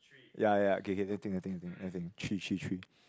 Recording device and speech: close-talking microphone, conversation in the same room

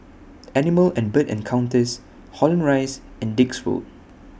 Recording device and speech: boundary microphone (BM630), read sentence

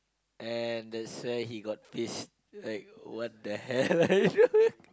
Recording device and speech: close-talking microphone, conversation in the same room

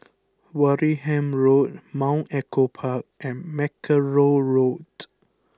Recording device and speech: close-talking microphone (WH20), read sentence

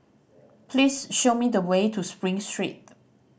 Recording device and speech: boundary microphone (BM630), read sentence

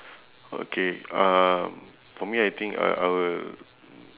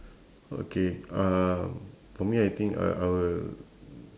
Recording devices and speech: telephone, standing microphone, conversation in separate rooms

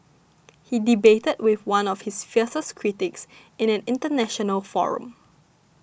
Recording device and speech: boundary microphone (BM630), read sentence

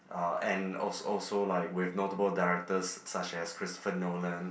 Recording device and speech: boundary microphone, conversation in the same room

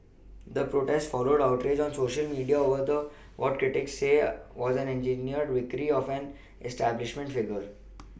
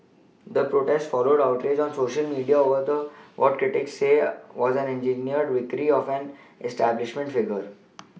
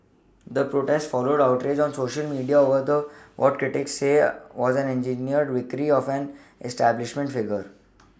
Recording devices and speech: boundary microphone (BM630), mobile phone (iPhone 6), standing microphone (AKG C214), read sentence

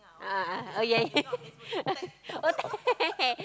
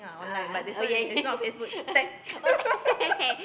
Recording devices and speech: close-talking microphone, boundary microphone, conversation in the same room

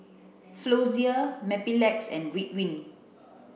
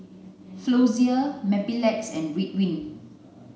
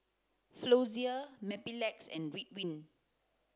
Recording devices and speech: boundary microphone (BM630), mobile phone (Samsung C9), close-talking microphone (WH30), read sentence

